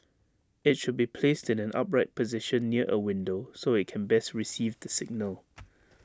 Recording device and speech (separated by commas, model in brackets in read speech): standing microphone (AKG C214), read sentence